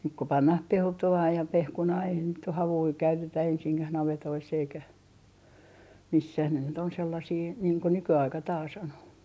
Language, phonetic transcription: Finnish, nyk ko 'pannah "pelto₍aa ja "pehkunaa eihän nyt oh "havui 'käytetä 'ensiŋkäh navetoiss ‿eikä , "missäh ne nyt ‿on sellasii , niiŋ ko 'nyky₍aika taa's ‿on .
- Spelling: nyt kun pannaan peltoa ja pehkunaa eihän nyt ole havuja käytetä ensinkään navetoissa eikä missään ne nyt on sellaisia niin kuin nykyaika taas on

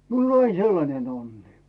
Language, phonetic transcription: Finnish, 'miul ‿on ‿ain 'sellanen ‿onni .
- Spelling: minulla oli aina sellainen onni

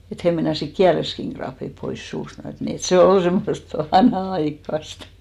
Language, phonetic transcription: Finnish, et 'hè meinasik "kiäleskiŋ ɢraappip pois 'suust , (et ni) et se "ol 'semmost , "vanha₍'aikkast .
- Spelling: että he meinasivat kielensäkin raappia pois suusta et niin että se oli semmoista vanhanaikaista

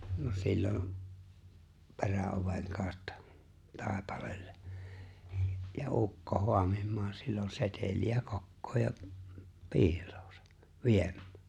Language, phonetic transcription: Finnish, no 'sillom , 'pe̬rä₍oveŋ kaaᵒtta , 'taaepaleelle , ja "’ukko 'hoamim̆maam sillon 'setel̜i₍ä 'kokkoo ja , "piil̀ᴏᴏsᴀ , 'vieᴍ̆ᴍ(ᴀ̈ᴀ̈) .
- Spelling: no silloin peräoven kautta taipaleelle ja ukko haamimaan silloin seteliä kokoon ja piiloonsa viemään

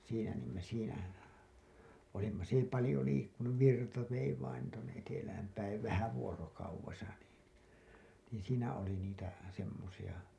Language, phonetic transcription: Finnish, siinä niim me siinä , olimma s ‿ei palĭjo liikkunuv virta vei vain tuonne 'etelähäm päiv "vähä 'vuorokauvesa nii , niiḭ siinä oli niitä , semmosiʲa .
- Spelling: siinä niin me siinä olimme se ei paljon liikkunut virta vei vain tuonne etelään päin vähän vuorokaudessa niin niin siinä oli niitä semmoisia

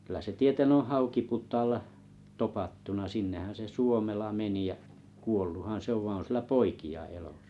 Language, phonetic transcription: Finnish, kyllä se 'tieten oo̰ "Haukiput̀aalla 'topattuna 'sinnehän se "Suomela 'meni jä’ , 'kuolluhan 'se ov vaiⁱ̰ 'on 'sillä "poiki₍a elÒsᴀ .
- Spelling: kyllä se tieten on Haukiputaalla topattuna sinnehän se Suomela meni ja kuolluthan se on vaan on sillä poikia elossa

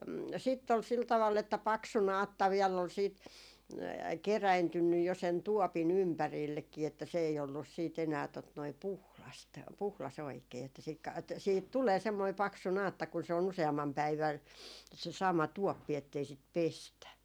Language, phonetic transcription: Finnish, sitt ‿ol 'sil tavall ‿että "paksu "naatta viɛll ‿ol siit , 'keräintynnyj jo sen "tuopi"n ‿ympärillekkii että 'se ei ollus sii't ‿enää , tot noi , "puhlast , 'puhlas ‿oikee että siik ka- et 'siihit tulee 'semmoi 'paksu 'naatta kun se o'n ‿use₍ammam "päivän , se 'sama 'tuoppi ettei sit "pestä .
- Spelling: sitten oli sillä tavalla että paksu naatta vielä oli sitten kerääntynyt jo sen tuopin ympärillekin että se ei ollut sitten enää tuota noin puhdasta puhdas oikein että - - että siihen tulee semmoinen paksu naatta kun se on useamman päivän se sama tuoppi että ei sitä pestä

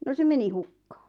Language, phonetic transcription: Finnish, « » no 'se meni "hukkᴀᴀ .
- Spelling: no se meni hukkaan

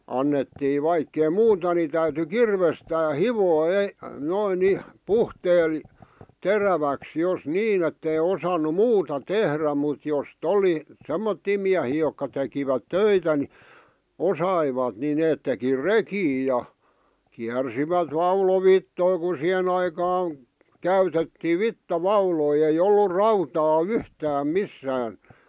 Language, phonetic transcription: Finnish, 'annettii 'vaikkei "muuta ni täyty "kirvestää "hivoo ei- , noin 'niʰ , "puhteel , 'teräväks jos "niin ‿ettei osanu "muuta "tehrä mut jos"t ‿oli , "semmottii miähii jokka tekivät "töitä ni , "osaivat ni 'neet teki "rekii ja , kiärsivät "vaulovittoi ku 'siʰen ‿aikaan , 'käytettii "vitta"vauloi ei 'ollur "rautaa "yhtääm "missään .
- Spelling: annettiin vaikka ei muuta niin täytyi kirvestään hioa - noin niin puhteella teräväksi jos niin että ei osannut muuta tehdä mutta jos oli semmoisia miehiä jotka tekivät töitä niin osasivat niin ne teki rekiä ja kiersivät vaulovitsoja kun siihen aikaan käytettiin vitsavauloja ei ollut rautaa yhtään missään

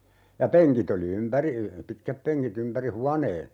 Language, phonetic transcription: Finnish, ja "peŋkit ‿oli 'ympäri , 'pitkäppeŋki't ‿ympäri "huanee .
- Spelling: ja penkit oli ympäri pitkätpenkit ympäri huoneen

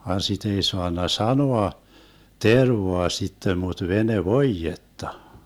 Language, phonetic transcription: Finnish, van 'sit ‿ei 'soanna "sanoa , 'tervoa 'sittem mut 'vene"voijetta .
- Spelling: vaan sitä ei saanut sanoa tervaa sitten mutta venevoidetta

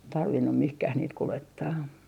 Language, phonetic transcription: Finnish, 'tarvinnu "mihkäh 'niit 'kulettaa .
- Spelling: tarvinnut mihinkään niitä kuljettaa

